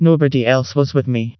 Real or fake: fake